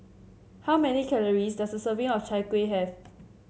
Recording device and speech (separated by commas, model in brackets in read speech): mobile phone (Samsung C7), read sentence